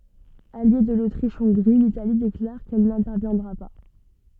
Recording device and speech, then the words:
soft in-ear microphone, read sentence
Alliée de l’Autriche-Hongrie, l’Italie déclare qu’elle n’interviendra pas.

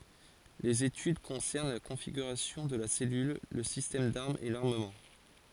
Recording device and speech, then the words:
forehead accelerometer, read sentence
Les études concernent la configuration de la cellule, le système d'armes et l'armement.

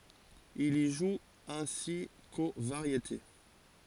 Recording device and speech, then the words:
forehead accelerometer, read sentence
Il y joue ainsi qu'aux Variétés.

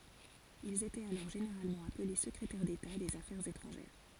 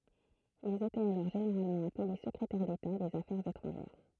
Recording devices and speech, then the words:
forehead accelerometer, throat microphone, read sentence
Ils étaient alors généralement appelés secrétaires d'État des Affaires étrangères.

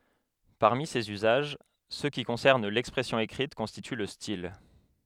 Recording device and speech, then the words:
headset microphone, read sentence
Parmi ces usages, ceux qui concernent l'expression écrite constituent le style.

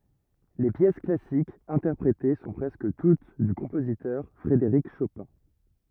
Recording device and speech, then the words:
rigid in-ear microphone, read sentence
Les pièces classiques interprétées sont presque toutes du compositeur Frédéric Chopin.

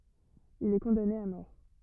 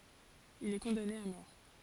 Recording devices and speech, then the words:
rigid in-ear microphone, forehead accelerometer, read sentence
Il est condamné à mort.

